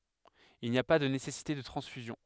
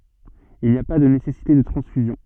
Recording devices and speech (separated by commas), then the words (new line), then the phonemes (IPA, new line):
headset microphone, soft in-ear microphone, read sentence
Il n'y a pas de nécessité de transfusion.
il ni a pa də nesɛsite də tʁɑ̃sfyzjɔ̃